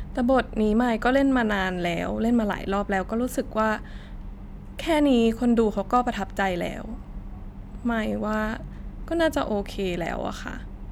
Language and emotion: Thai, frustrated